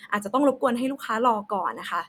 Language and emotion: Thai, neutral